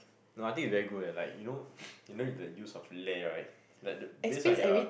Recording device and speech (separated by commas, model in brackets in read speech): boundary microphone, conversation in the same room